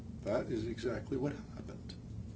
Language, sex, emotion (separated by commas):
English, male, neutral